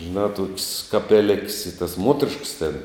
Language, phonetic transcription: Lithuanian, žiˈnā tok's' kapeˈlik's' i tas ˈmuoterišks ten

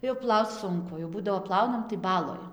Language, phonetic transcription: Lithuanian, jau ˈplauc ˈsunku jau ˈbūdavo ˈplaunam tai ˈbaloj

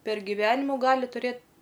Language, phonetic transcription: Lithuanian, per giˈvenimu ˈgali tuˈrėt

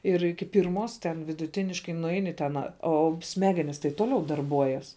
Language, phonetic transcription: Lithuanian, ir ˈiki ˈpirmos ten viduˈtiniškai nuˈeini ten ˈo ˈsmegenis tai ˈtoliau darˈbuojas

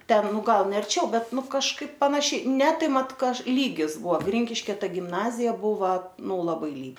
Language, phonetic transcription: Lithuanian, ˈten ˈnu ˈgal ne arˈčiau ˈbet ˈnu kažˈkaip panaˈšiai ne ˈtai ˈmat ˈkaž lygis ˈbua ˈgrinkiškia ˈtai gimˈnazija ˈbuva ˈnu laˈbai ly

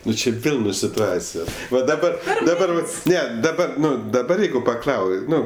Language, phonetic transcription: Lithuanian, ˈnu či ˈvėl nu situˈacijos va daˈba daˈbar ˈne daˈba ˈnu daˈbar ˈjeigu paˈklau ˈnu

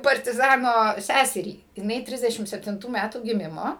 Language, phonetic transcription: Lithuanian, partiˈzano ˈsæserį jiˈnai ˈtrisdešim septinˈtų ˈmætų giˈmimo

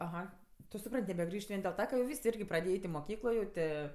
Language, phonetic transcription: Lithuanian, aˈha tu suˈpran't' nebeˈgrįžt ˈvien dėl ˈta ka jau ˈvysˈ irgi praˈdėja ˈeit' i moˈkyklo jau ˈtė

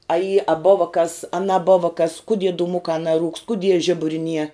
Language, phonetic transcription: Lithuanian, a y a ˈbova kas a naˈbova kas kuˈdie dūˈmukā naˈrūkst kuˈdie ˈžiburi nie

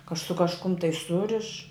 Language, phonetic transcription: Lithuanian, ka su kažˈkum tai ˈsuriš

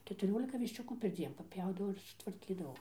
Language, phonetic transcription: Lithuanian, ketuˈriolika višˈčiukų perˈdzien paˈpjaudavau ir sutvarˈkydavau

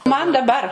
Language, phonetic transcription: Lithuanian, man daˈbar

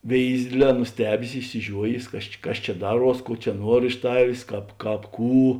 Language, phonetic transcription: Lithuanian, ˈvėizi ˈdėdˌlē nuˈstebės išsiˈžiuojės ˈkas či ˈkas ˈčia ˈdaˌruos ˈkuo čia ˈnuor iš ˈtavės ˈkāp ˈkāp ˈkų

